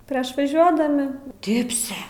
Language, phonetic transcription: Lithuanian, ˈprieš vaˈžiuodami ˈdibse

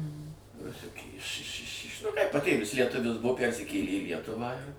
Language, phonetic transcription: Lithuanian, ruˈsiukė iš iš iš iš nu ˈkaip paˈtėvis lieˈtuvis ˈbuvo ˈpærsikėlė į ˈlietuvą ir

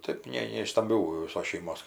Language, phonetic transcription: Lithuanian, ˈtɜp ˈne ne iš stamˈbių viˈsos šeiˈmos

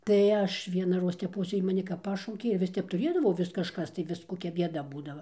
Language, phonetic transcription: Lithuanian, tai ˈaš vienaˈroz teˈpos ˈjy maˈni kap ˈpašaukė ir ˈvis ˈtep tuˈrėdavau ˈvis kažˈkas tai ˈvis koˈkia ˈbieda ˈbūdava

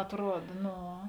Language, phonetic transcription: Lithuanian, atˈruod ˈno

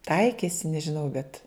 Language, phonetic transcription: Lithuanian, ˈtaikėsi nežiˈnau bet

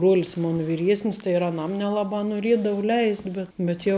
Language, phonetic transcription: Lithuanian, bruol's ˈmona viˈriesnis tai ir aˈnam neˈlaba noˈriedavu ˈleist' ˈbet bet jau

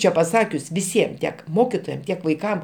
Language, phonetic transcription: Lithuanian, ˈčia paˈsakius viˈsiem tiek ˈmokitojam ˈtiek vaiˈkam

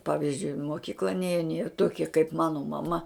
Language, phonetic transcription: Lithuanian, ˈpavizdžiui i moˈkykla ˈnėjen jie ˈtokie kaip ˈmano maˈma

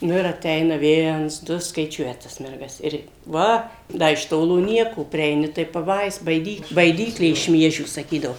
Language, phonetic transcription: Lithuanian, ˈnu ir aˈteina ˈviens ˈdu skaiˈčiuoja tas ˈmergas ˈir ˈva ˈda iš ˈtolo ˈnieko prieiˈni tai paˈbais baiˈdykl baiˈdyklė iš ˈmiežių saˈkydavo

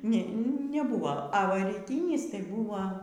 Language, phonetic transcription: Lithuanian, ne neˈbuva a ˈva ryˈtynis tai ˈbuva

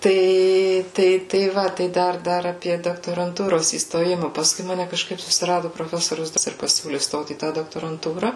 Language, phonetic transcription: Lithuanian, ˈtai ˈtai tai ˈva tai ˈdar ˈdar aˈpie doktoranˈtūros įstoˈjima pasˈkui ˈmane kažˈkaip susiˈradu proˈfesorius ir paˈsiūli ˈstot į ˈtą doktoranˈtūra

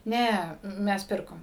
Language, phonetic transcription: Lithuanian, ˈne ˈmes ˈpirkom

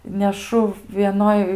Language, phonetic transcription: Lithuanian, neˈšu vieˈnoj

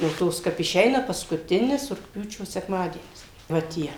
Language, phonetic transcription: Lithuanian, jau ˈtos kap iˈšeina paskuˈtinis rugˈpjūčio sekˈmadienis va ˈtie

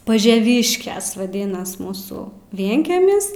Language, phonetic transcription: Lithuanian, pažeˈvyškes vaˈdinas ˈmūsu ˈvienkemis

